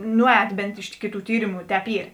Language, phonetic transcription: Lithuanian, ˈnuˌēt ˈbent ˈiš kiˌtų ˈtyrimu ˈtēp ˈyr

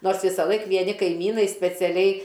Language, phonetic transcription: Lithuanian, ˈnors ˈvisalaik vieˈni kaiˈmynai speciaˈliai

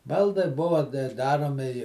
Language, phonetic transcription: Lithuanian, ˈbaldai ˈbuva ˈdaromi i

